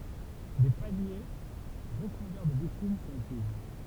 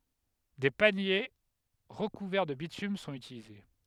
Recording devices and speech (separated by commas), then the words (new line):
temple vibration pickup, headset microphone, read sentence
Des paniers recouverts de bitume sont utilisés.